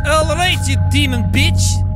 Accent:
russian accent